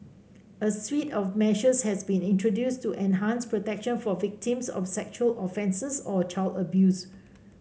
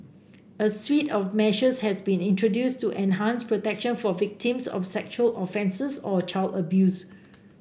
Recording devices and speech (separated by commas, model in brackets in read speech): mobile phone (Samsung C5), boundary microphone (BM630), read sentence